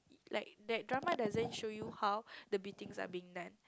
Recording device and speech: close-talking microphone, conversation in the same room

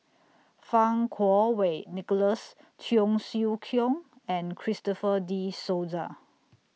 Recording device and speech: mobile phone (iPhone 6), read sentence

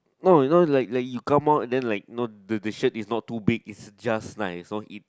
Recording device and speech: close-talking microphone, conversation in the same room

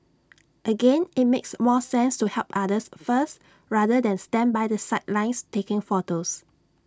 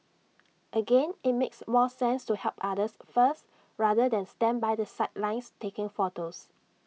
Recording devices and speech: standing microphone (AKG C214), mobile phone (iPhone 6), read sentence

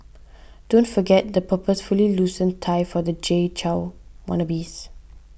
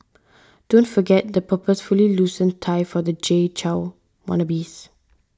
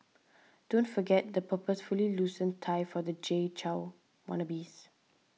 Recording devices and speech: boundary microphone (BM630), standing microphone (AKG C214), mobile phone (iPhone 6), read sentence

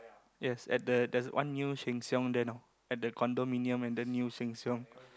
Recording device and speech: close-talking microphone, conversation in the same room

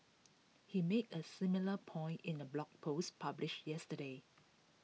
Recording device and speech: mobile phone (iPhone 6), read sentence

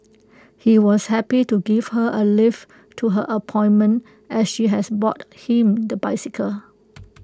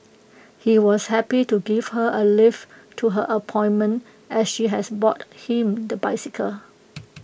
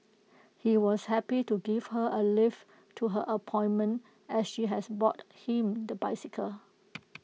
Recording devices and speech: close-talking microphone (WH20), boundary microphone (BM630), mobile phone (iPhone 6), read sentence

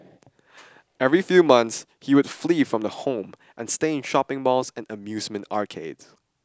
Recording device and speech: standing microphone (AKG C214), read sentence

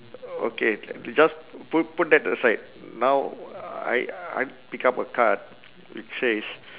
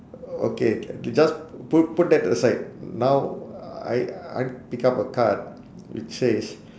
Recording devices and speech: telephone, standing microphone, conversation in separate rooms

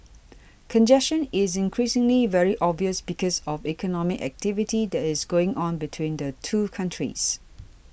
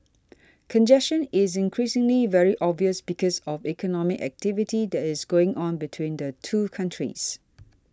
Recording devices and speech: boundary microphone (BM630), standing microphone (AKG C214), read sentence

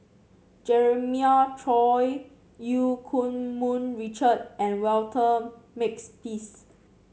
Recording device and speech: mobile phone (Samsung C7), read sentence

